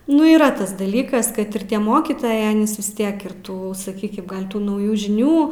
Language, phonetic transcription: Lithuanian, ˈnu yˈra ˈtas daˈlykas ˈkad ir ˈtie ˈmokytojai ˈanys vis ˈtiek ir ˈtų saˈkykim ˈgal' ˈtų nauˈjų žiˈnių

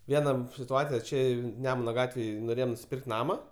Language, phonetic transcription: Lithuanian, ˈviena situˈacija ˈčia ˈnemuna ˈgatvėj noˈrėjom nusiˈpirkt ˈnama

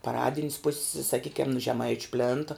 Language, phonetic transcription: Lithuanian, paˈradin's pus's saˈkykiam nu žeˈmaič' ˈplėnta

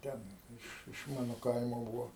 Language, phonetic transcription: Lithuanian, ˈten ˈiš iš ˈmano ˈkaimo ˈbūvo

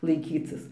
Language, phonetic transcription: Lithuanian, laiˈkycis

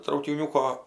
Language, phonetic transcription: Lithuanian, traukiˈniūko

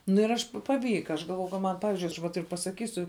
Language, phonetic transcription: Lithuanian, nu ir ˈaš paˈvyka aš galˈvojau ka ˈman ˈpavizdžiui aš va ˈtaip pasaˈkysiu

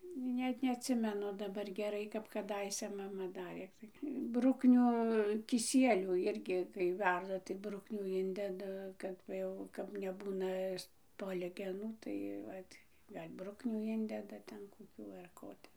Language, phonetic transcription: Lithuanian, ˈnet neatˈsimenu daˈbar geˈrai kap kaˈdaise ˈmama ˈdarė ˈtai ˈbrukniu kiˈsielių ˈirgi kai ˈverda tai ˈbruknių ˈindeda ˈkad va ˈjau kap neˈbūna ˈspolgenų tai ˈvat ˈgal' ˈbruknių ˈindeda ˈten koˈkių ar ˈko ˈte

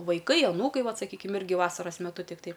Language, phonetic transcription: Lithuanian, vaiˈkai aˈnūkai ˈvat saˈkykim ˈirgi ˈvasaras meˈtu tikˈtai

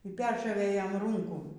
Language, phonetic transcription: Lithuanian, y ˈperšovė ˈjam ˈrūnkų

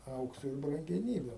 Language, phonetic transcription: Lithuanian, ˈaukso ir brangeˈnybiu

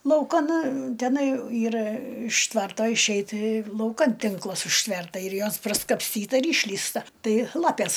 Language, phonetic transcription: Lithuanian, lauˈkan teˈnai ˈyra iš ˈtvarto išˈeit lauˈkan ˈtinklas užˈtverta ir ˈjos praskapsˈtyta ir ˈišlįsta ˈtai ˈlapės

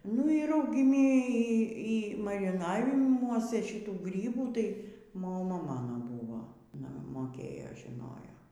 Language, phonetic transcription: Lithuanian, nu y raugiˈmi ˈy ˈy mariˈnavimuose šiˈtų ˈgrybų ˈtai moˈma ˈmano ˈbūvo aˈna moˈkėjo žiˈnojo

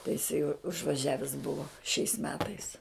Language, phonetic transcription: Lithuanian, tai jiˈsai užvaˈžiavis ˈbuvo šiais ˈmetais

